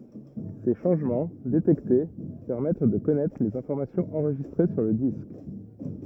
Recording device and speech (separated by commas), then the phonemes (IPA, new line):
rigid in-ear microphone, read sentence
se ʃɑ̃ʒmɑ̃ detɛkte pɛʁmɛt də kɔnɛtʁ lez ɛ̃fɔʁmasjɔ̃z ɑ̃ʁʒistʁe syʁ lə disk